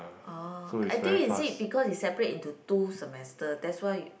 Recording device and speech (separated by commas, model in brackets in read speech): boundary microphone, conversation in the same room